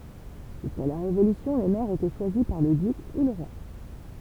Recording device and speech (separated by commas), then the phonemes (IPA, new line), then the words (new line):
temple vibration pickup, read sentence
ʒyska la ʁevolysjɔ̃ le mɛʁz etɛ ʃwazi paʁ lə dyk u lə ʁwa
Jusqu'à la Révolution, les maires étaient choisis par le duc ou le roi.